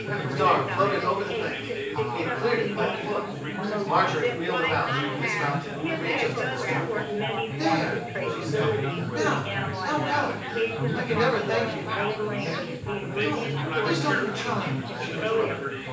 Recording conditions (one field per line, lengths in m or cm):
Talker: one person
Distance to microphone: 9.8 m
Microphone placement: far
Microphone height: 1.8 m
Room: large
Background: babble